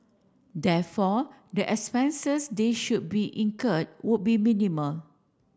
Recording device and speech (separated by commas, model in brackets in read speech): standing microphone (AKG C214), read sentence